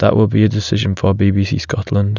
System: none